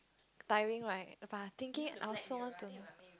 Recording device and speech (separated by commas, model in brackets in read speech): close-talking microphone, conversation in the same room